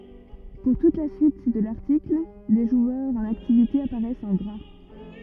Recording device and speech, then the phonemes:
rigid in-ear microphone, read sentence
puʁ tut la syit də laʁtikl le ʒwœʁz ɑ̃n aktivite apaʁɛst ɑ̃ ɡʁa

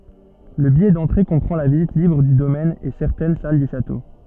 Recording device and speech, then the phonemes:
soft in-ear microphone, read sentence
lə bijɛ dɑ̃tʁe kɔ̃pʁɑ̃ la vizit libʁ dy domɛn e sɛʁtɛn sal dy ʃato

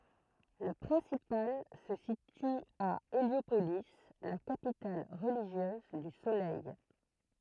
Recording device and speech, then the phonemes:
throat microphone, read sentence
lə pʁɛ̃sipal sə sity a eljopoli la kapital ʁəliʒjøz dy solɛj

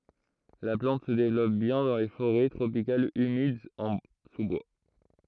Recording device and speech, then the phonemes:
throat microphone, read sentence
la plɑ̃t sə devlɔp bjɛ̃ dɑ̃ le foʁɛ tʁopikalz ymidz ɑ̃ su bwa

